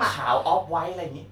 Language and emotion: Thai, happy